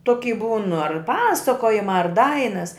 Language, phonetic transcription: Lithuanian, ˈtoky būn ar ˈpasakojimā ar ˈdainas

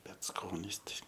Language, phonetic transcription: Lithuanian, ˈbet ˈskonis ˈtai

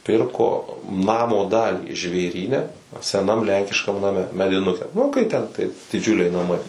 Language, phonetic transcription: Lithuanian, ˈpirko ˈnamo ˈdalį žvėˈryne seˈnam ˈlenkiškam naˈme mediˈnuke nu kai ˈten tai diˈdžiuliai naˈmai

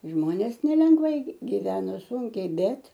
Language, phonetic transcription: Lithuanian, ˈžmonės nelengˈvai gi giˈveno ˈsunkiai ˈbet

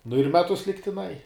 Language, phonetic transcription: Lithuanian, nu ir ˈmetus ligtiˈnai

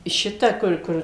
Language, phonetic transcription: Lithuanian, ˈšita ˈkur ˈkur

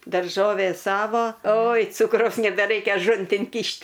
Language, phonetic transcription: Lithuanian, darˈžovė ˈsavo oj ˈcukraus nebeˈraikia aˈžuntin ˈkyšt'

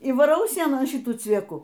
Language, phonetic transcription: Lithuanian, y vaˈrau ˈsienon ˈšitų cvieˈku

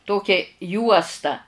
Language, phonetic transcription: Lithuanian, ˈtokia ˈjuosta

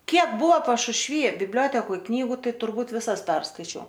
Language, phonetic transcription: Lithuanian, ˈkiek ˈbuvo pašušˈvy bibˈliotekoj ˈknygu ˈtai turˈbūt viˈsas ˈperskaičiau

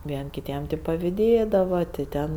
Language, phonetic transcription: Lithuanian, ˈvien' kiˈtiem tik paviˈdėdava ti ˈten

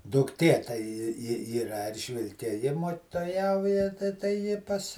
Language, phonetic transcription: Lithuanian, dukˈtė tai ˈji ˈji i ˈyra ˈeržvilke ˈji mok'toˈjauja tai tai ˈji ˈpas

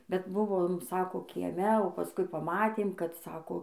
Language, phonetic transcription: Lithuanian, bet ˈbuvom ˈsako kieˈme o paˈskui paˈmatėm kad ˈsako

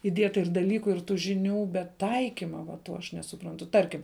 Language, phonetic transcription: Lithuanian, iˈdieta ir daˈlyku ir tų žiˈnių bet ˈtaikima va ˈto aš nesuˈprantu ˈtarkim

